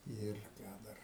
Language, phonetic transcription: Lithuanian, ˈir ˈką dar

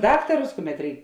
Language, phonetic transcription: Lithuanian, ˈdaktarus ˈkuˌmet ˈreik

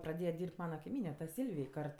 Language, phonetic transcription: Lithuanian, praˈdėje ˈdyrb't' ˈmana kaiˈmyne ta ˈsylvij ˈkart

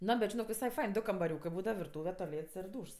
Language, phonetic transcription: Lithuanian, ˈno bet žiˈnok visai ˈfain ˈdu kambaˈriūkɜ ˈbūdava virˈtūve toˈlėts ir ˈdūšs

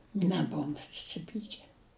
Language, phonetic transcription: Lithuanian, neˈbovum susiˈpyke

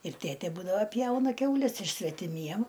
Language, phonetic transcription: Lithuanian, ir ˈtėtė ˈbūdava ˈpjauna ˈkiaules ir svetiˈmiem

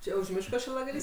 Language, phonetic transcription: Lithuanian, ˈčia už ˈmiško šilagaˈlys

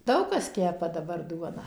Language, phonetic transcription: Lithuanian, ˈdaug kas ˈkepa daˈbar ˈduoną

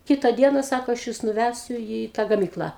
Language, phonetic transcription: Lithuanian, ˈkita ˈdiena ˈsako aš ˈjus nuˈvæsiu į tą gaˈmyklą

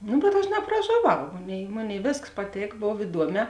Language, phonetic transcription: Lithuanian, ˈnu bet ˈaš napražoˈvau ˈmoˌnėi ˈmoˌnėi ˈvėskas paˈtėk ˈbov iˈduoˌmē

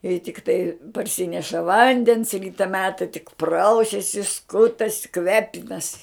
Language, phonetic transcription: Lithuanian, i tikˈtai parˈsineša ˈvandens ˈryta ˈmeta tik ˈprausiasi ˈskutasi ˈkvepinasi

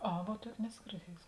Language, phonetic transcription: Lithuanian, ˈa vuo ˈtuokė ˈneso girˈdiejusi

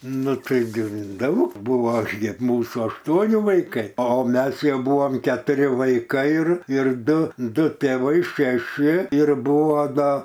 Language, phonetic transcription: Lithuanian, nu ˈtaiˈgi ˈdaug ˈbūvo ˈaš gi ˈmūsų ašˈtuoni vaiˈkai o ˈmes ˈjau ˈbuvom ketuˈri vaiˈkai ir ir ˈdu ˈdu tėˈvai šeˈši ir ˈbuvo ˈda

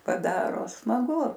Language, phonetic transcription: Lithuanian, paˈdaro smaˈgu

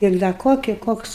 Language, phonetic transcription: Lithuanian, ir da ˈkoki ˈkoks

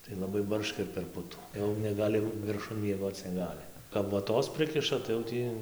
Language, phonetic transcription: Lithuanian, tai laˈbai ˈbarška ir per ˈputų jau neˈgali virˈšun mieˈgoc neˈgali kap voˈtos ˈprikiša tai jau ˈtį

